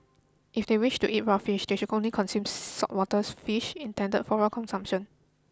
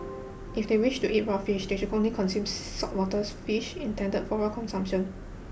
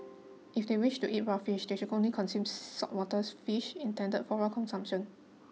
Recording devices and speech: close-talking microphone (WH20), boundary microphone (BM630), mobile phone (iPhone 6), read sentence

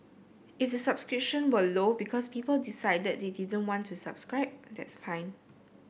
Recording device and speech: boundary microphone (BM630), read sentence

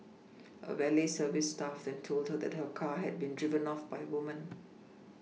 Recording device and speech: mobile phone (iPhone 6), read sentence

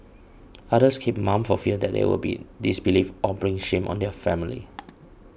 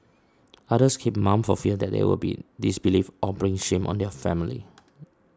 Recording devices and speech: boundary microphone (BM630), standing microphone (AKG C214), read sentence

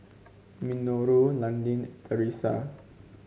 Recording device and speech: mobile phone (Samsung C5), read sentence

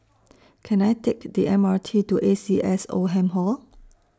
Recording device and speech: standing microphone (AKG C214), read sentence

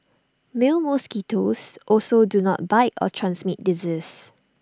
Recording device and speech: standing microphone (AKG C214), read sentence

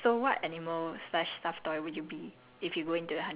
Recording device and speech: telephone, conversation in separate rooms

